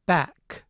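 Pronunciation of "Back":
In 'back', the final k is released: the end of the sound can be heard.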